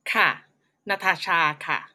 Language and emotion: Thai, neutral